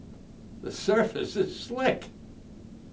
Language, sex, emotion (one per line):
English
male
fearful